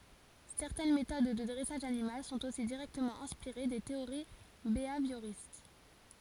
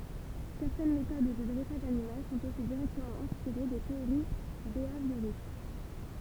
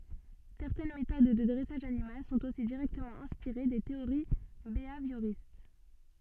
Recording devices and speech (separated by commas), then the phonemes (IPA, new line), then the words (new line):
forehead accelerometer, temple vibration pickup, soft in-ear microphone, read sentence
sɛʁtɛn metod də dʁɛsaʒ animal sɔ̃t osi diʁɛktəmɑ̃ ɛ̃spiʁe de teoʁi beavjoʁist
Certaines méthodes de dressage animal sont aussi directement inspirées des théories béhavioristes.